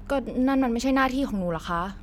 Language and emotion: Thai, frustrated